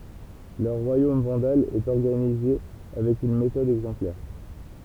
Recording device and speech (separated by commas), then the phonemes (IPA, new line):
temple vibration pickup, read sentence
lœʁ ʁwajom vɑ̃dal ɛt ɔʁɡanize avɛk yn metɔd ɛɡzɑ̃plɛʁ